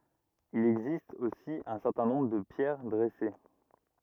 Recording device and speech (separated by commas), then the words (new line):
rigid in-ear microphone, read sentence
Il existe aussi un certain nombre de pierres dressées.